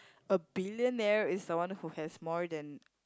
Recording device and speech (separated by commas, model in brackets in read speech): close-talking microphone, conversation in the same room